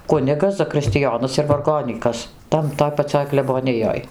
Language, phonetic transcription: Lithuanian, ˈkunigas zakristiˈjonas ir varˈgonykas ˈtan ˈtoj paˈcioj kleboˈnijoj

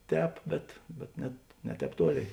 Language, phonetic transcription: Lithuanian, ˈtēp bet bet ˈnet ne ˈtēp ˈtuoˌlėi

